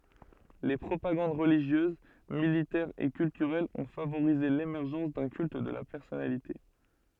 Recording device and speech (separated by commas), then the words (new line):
soft in-ear microphone, read sentence
Les propagandes religieuse, militaire et culturelle ont favorisé l'émergence d'un culte de la personnalité.